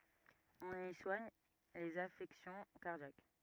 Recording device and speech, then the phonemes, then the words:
rigid in-ear microphone, read sentence
ɔ̃n i swaɲ lez afɛksjɔ̃ kaʁdjak
On y soigne les affections cardiaques.

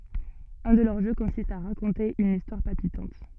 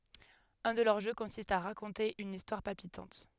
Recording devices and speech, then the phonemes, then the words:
soft in-ear microphone, headset microphone, read sentence
œ̃ də lœʁ ʒø kɔ̃sist a ʁakɔ̃te yn istwaʁ palpitɑ̃t
Un de leurs jeux consiste à raconter une histoire palpitante.

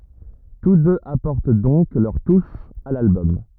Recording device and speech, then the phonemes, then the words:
rigid in-ear microphone, read sentence
tus døz apɔʁt dɔ̃k lœʁ tuʃ a lalbɔm
Tous deux apportent donc leur touche à l'album.

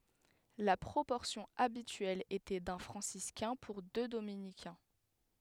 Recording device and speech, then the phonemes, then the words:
headset microphone, read sentence
la pʁopɔʁsjɔ̃ abityɛl etɛ dœ̃ fʁɑ̃siskɛ̃ puʁ dø dominikɛ̃
La proportion habituelle était d'un franciscain pour deux dominicains.

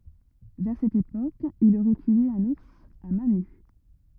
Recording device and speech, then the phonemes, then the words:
rigid in-ear microphone, read sentence
vɛʁ sɛt epok il oʁɛ tye œ̃n uʁs a mɛ̃ ny
Vers cette époque, il aurait tué un ours à mains nues.

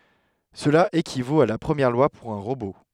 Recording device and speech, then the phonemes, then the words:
headset microphone, read sentence
səla ekivot a la pʁəmjɛʁ lwa puʁ œ̃ ʁobo
Cela équivaut à la Première Loi pour un robot.

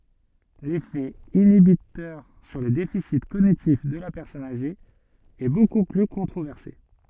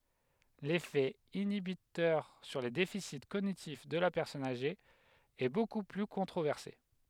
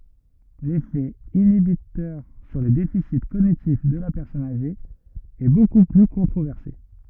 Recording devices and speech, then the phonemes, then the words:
soft in-ear microphone, headset microphone, rigid in-ear microphone, read sentence
lefɛ inibitœʁ syʁ le defisi koɲitif də la pɛʁsɔn aʒe ɛ boku ply kɔ̃tʁovɛʁse
L'effet inhibiteur sur les déficits cognitifs de la personne âgée est beaucoup plus controversé.

